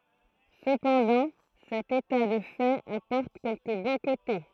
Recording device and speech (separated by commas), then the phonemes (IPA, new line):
throat microphone, read sentence
səpɑ̃dɑ̃ sɛt eta də fɛt apɔʁt kɛlkə bɔ̃ kote